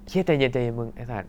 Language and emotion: Thai, frustrated